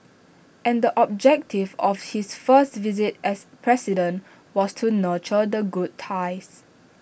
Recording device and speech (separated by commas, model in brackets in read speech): boundary microphone (BM630), read sentence